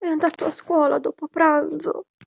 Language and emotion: Italian, sad